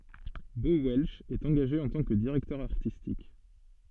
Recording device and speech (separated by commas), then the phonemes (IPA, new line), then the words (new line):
soft in-ear microphone, read sentence
bo wɛlʃ ɛt ɑ̃ɡaʒe ɑ̃ tɑ̃ kə diʁɛktœʁ aʁtistik
Bo Welch est engagé en tant que directeur artistique.